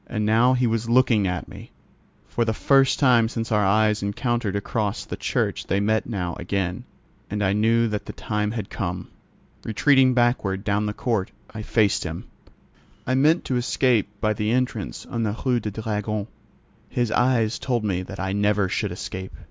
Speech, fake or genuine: genuine